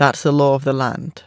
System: none